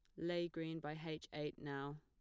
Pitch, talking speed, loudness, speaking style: 155 Hz, 200 wpm, -45 LUFS, plain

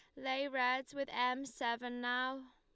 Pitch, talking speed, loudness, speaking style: 255 Hz, 155 wpm, -37 LUFS, Lombard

